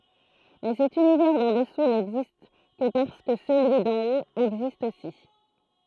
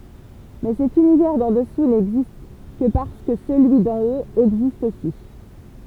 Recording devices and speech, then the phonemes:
throat microphone, temple vibration pickup, read sentence
mɛ sɛt ynivɛʁ dɑ̃ dəsu nɛɡzist kə paʁskə səlyi dɑ̃ ot ɛɡzist osi

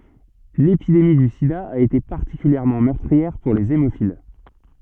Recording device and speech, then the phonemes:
soft in-ear microphone, read sentence
lepidemi dy sida a ete paʁtikyljɛʁmɑ̃ mœʁtʁiɛʁ puʁ lez emofil

